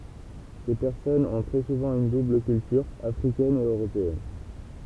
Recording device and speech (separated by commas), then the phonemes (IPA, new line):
temple vibration pickup, read sentence
se pɛʁsɔnz ɔ̃ tʁɛ suvɑ̃ yn dubl kyltyʁ afʁikɛn e øʁopeɛn